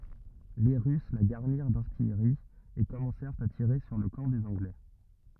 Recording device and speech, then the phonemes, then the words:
rigid in-ear microphone, read sentence
le ʁys la ɡaʁniʁ daʁtijʁi e kɔmɑ̃sɛʁt a tiʁe syʁ lə kɑ̃ dez ɑ̃ɡlɛ
Les Russes la garnirent d’artillerie, et commencèrent à tirer sur le camp des Anglais.

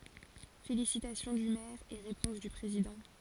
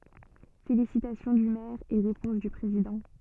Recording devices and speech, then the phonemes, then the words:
forehead accelerometer, soft in-ear microphone, read sentence
felisitasjɔ̃ dy mɛʁ e ʁepɔ̃s dy pʁezidɑ̃
Félicitations du maire et réponse du président.

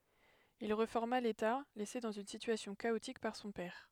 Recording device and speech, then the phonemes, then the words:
headset microphone, read sentence
il ʁefɔʁma leta lɛse dɑ̃z yn sityasjɔ̃ kaotik paʁ sɔ̃ pɛʁ
Il réforma l'État laissé dans une situation chaotique par son père.

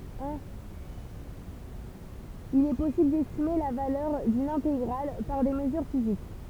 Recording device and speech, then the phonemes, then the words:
temple vibration pickup, read sentence
il ɛ pɔsibl dɛstime la valœʁ dyn ɛ̃teɡʁal paʁ de məzyʁ fizik
Il est possible d'estimer la valeur d'une intégrale par des mesures physiques.

